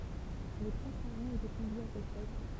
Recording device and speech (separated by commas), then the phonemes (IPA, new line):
temple vibration pickup, read sentence
le pʁoʃ paʁɑ̃z etɛ kɔ̃vjez a sɛt fɛt